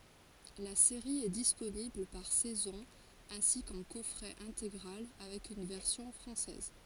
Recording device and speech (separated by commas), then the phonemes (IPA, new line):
forehead accelerometer, read sentence
la seʁi ɛ disponibl paʁ sɛzɔ̃ ɛ̃si kɑ̃ kɔfʁɛ ɛ̃teɡʁal avɛk yn vɛʁsjɔ̃ fʁɑ̃sɛz